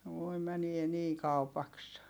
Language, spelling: Finnish, voi menee niin kaupaksi
- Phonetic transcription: voi mänie nii kaupaks .

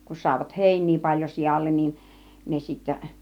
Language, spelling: Finnish, kun saivat heiniä paljon sialle niin ne sitten
- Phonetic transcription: kun sàivat "hèiń̆nii 'paĺjo 'sijallen nin , 'ne sittä .

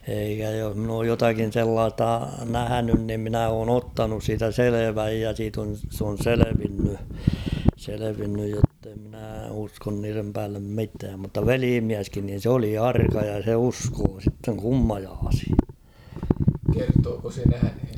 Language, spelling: Finnish, eikä jos minä olen jotakin sellaista nähnyt niin minä olen ottanut siitä selvän ja siitä on se on selvinnyt selvinnyt jotta en minä usko niiden päälle mitään mutta velimieskin niin se oli arka ja se uskoi sitten kummajaisiin
- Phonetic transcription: eikä joh mn‿ooj 'jotakin "sellaasta "nähänyn nim minä oon‿'ottanus siitä "seleväj ja siit ‿on , s‿on 'selevinny , selevinnyj jotte ‿mnää uskon niirem päällem 'mitääm mutta "veliimiäskin niin̬ 'sᵉ‿oli "arka ja se 'uskoo sitteŋ 'kummajaashɪ .

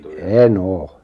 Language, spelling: Finnish, en ole
- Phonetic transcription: e"n ‿oo .

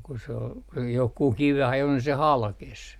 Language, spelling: Finnish, ja kun se oli johonkin kiveen ajoi niin se halkesi
- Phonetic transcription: ja ku se ol , johkuh 'kiveh ‿ajo ni se "halkes .

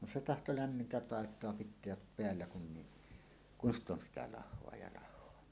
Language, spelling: Finnish, no se tahtoi lämmintä paitaa pitää päällä kun niin kun sitä on sitä lahoa ja - lahoa
- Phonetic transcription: no 'se "tahto "lämmintä "pàet̀oa 'pit̆teäp "peällä kun ni , "kun ‿st ‿on sitä 'lah̆hoa ja ' lah̆hoa .

